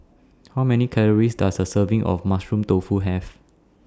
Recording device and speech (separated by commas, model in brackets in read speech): standing microphone (AKG C214), read sentence